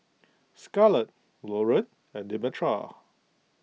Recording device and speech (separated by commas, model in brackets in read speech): mobile phone (iPhone 6), read sentence